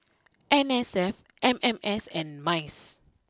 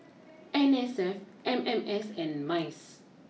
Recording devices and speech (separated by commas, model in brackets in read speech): close-talking microphone (WH20), mobile phone (iPhone 6), read sentence